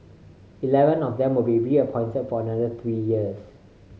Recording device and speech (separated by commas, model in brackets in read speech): mobile phone (Samsung C5010), read sentence